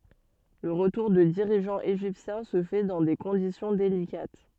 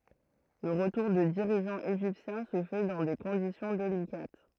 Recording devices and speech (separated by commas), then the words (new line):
soft in-ear microphone, throat microphone, read sentence
Le retour de dirigeants égyptien se fait dans des conditions délicates.